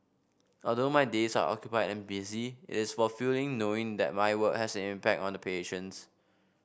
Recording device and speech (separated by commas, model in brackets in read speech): boundary microphone (BM630), read sentence